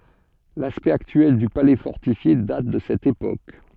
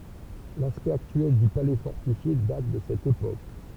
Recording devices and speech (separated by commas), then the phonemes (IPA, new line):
soft in-ear microphone, temple vibration pickup, read sentence
laspɛkt aktyɛl dy palɛ fɔʁtifje dat də sɛt epok